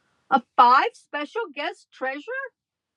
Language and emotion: English, disgusted